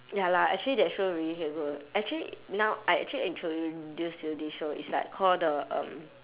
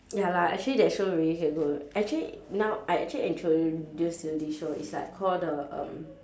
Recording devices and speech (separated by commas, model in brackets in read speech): telephone, standing microphone, conversation in separate rooms